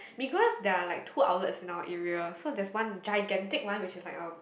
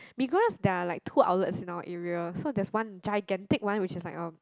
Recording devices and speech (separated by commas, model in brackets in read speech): boundary microphone, close-talking microphone, conversation in the same room